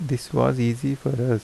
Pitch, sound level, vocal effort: 125 Hz, 78 dB SPL, soft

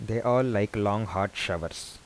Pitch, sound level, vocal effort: 105 Hz, 82 dB SPL, soft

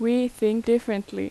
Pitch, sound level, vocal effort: 230 Hz, 84 dB SPL, loud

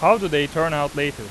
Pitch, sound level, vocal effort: 145 Hz, 97 dB SPL, very loud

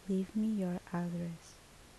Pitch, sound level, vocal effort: 185 Hz, 70 dB SPL, soft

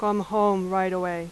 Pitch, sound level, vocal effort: 190 Hz, 89 dB SPL, very loud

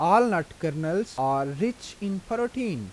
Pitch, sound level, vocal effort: 195 Hz, 88 dB SPL, normal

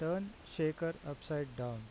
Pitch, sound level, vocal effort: 155 Hz, 83 dB SPL, normal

